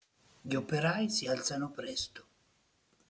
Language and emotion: Italian, neutral